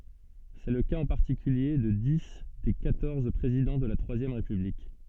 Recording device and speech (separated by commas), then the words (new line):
soft in-ear microphone, read sentence
C'est le cas en particulier de dix des quatorze présidents de la Troisième République.